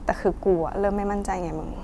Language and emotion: Thai, sad